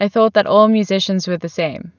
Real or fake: real